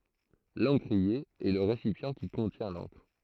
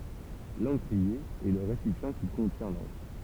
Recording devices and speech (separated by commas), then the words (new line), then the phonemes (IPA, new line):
throat microphone, temple vibration pickup, read sentence
L'encrier est le récipient qui contient l'encre.
lɑ̃kʁie ɛ lə ʁesipjɑ̃ ki kɔ̃tjɛ̃ lɑ̃kʁ